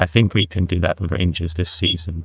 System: TTS, neural waveform model